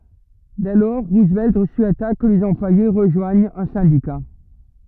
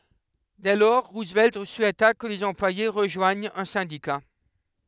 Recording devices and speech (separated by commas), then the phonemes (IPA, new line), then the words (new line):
rigid in-ear microphone, headset microphone, read sentence
dɛ lɔʁ ʁuzvɛlt suɛta kə lez ɑ̃plwaje ʁəʒwaɲt œ̃ sɛ̃dika
Dès lors, Roosevelt souhaita que les employés rejoignent un syndicat.